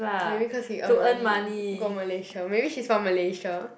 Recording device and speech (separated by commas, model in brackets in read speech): boundary microphone, conversation in the same room